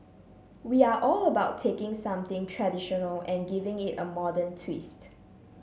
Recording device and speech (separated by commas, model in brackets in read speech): mobile phone (Samsung C7), read sentence